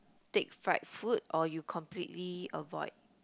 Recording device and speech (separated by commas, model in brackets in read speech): close-talking microphone, conversation in the same room